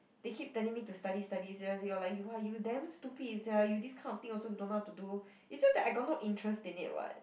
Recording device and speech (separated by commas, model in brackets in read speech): boundary microphone, conversation in the same room